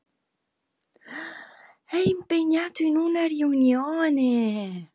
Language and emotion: Italian, surprised